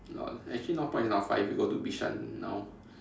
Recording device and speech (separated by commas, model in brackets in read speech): standing microphone, conversation in separate rooms